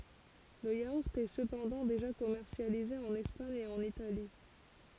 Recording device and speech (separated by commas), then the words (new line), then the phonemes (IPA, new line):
forehead accelerometer, read sentence
Le yaourt est cependant déjà commercialisé en Espagne et en Italie.
lə jauʁt ɛ səpɑ̃dɑ̃ deʒa kɔmɛʁsjalize ɑ̃n ɛspaɲ e ɑ̃n itali